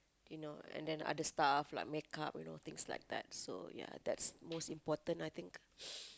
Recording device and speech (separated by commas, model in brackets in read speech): close-talking microphone, conversation in the same room